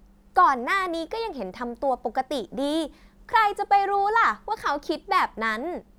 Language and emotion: Thai, happy